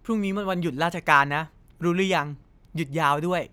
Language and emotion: Thai, happy